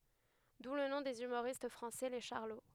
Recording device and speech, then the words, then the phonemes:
headset microphone, read sentence
D'où le nom des humoristes français, les Charlots.
du lə nɔ̃ dez ymoʁist fʁɑ̃sɛ le ʃaʁlo

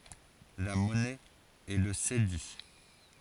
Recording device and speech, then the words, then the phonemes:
forehead accelerometer, read sentence
La monnaie est le cédi.
la mɔnɛ ɛ lə sedi

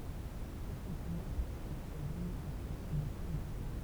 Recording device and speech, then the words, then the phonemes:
temple vibration pickup, read sentence
Tout simplement parce que c'est générateur de corruption.
tu sɛ̃pləmɑ̃ paʁskə sɛ ʒeneʁatœʁ də koʁypsjɔ̃

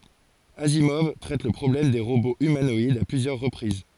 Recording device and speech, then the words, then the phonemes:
forehead accelerometer, read sentence
Asimov traite le problème des robots humanoïdes à plusieurs reprises.
azimɔv tʁɛt lə pʁɔblɛm de ʁoboz ymanɔidz a plyzjœʁ ʁəpʁiz

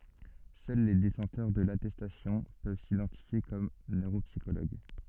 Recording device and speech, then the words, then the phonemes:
soft in-ear microphone, read sentence
Seuls les détenteurs de l'attestation peuvent s'identifier comme neuropsychologues.
sœl le detɑ̃tœʁ də latɛstasjɔ̃ pøv sidɑ̃tifje kɔm nøʁopsikoloɡ

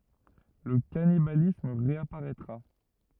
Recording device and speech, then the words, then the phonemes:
rigid in-ear microphone, read sentence
Le cannibalisme réapparaîtra.
lə kanibalism ʁeapaʁɛtʁa

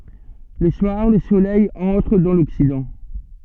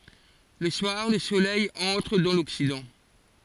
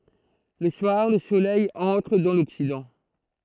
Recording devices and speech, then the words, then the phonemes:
soft in-ear microphone, forehead accelerometer, throat microphone, read sentence
Le soir, le Soleil entre dans l'Occident.
lə swaʁ lə solɛj ɑ̃tʁ dɑ̃ lɔksidɑ̃

